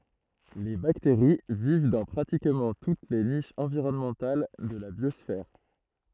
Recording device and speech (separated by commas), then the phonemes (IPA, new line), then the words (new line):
throat microphone, read sentence
le bakteʁi viv dɑ̃ pʁatikmɑ̃ tut le niʃz ɑ̃viʁɔnmɑ̃tal də la bjɔsfɛʁ
Les bactéries vivent dans pratiquement toutes les niches environnementales de la biosphère.